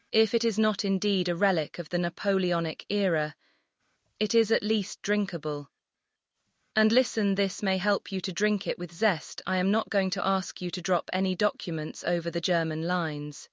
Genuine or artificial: artificial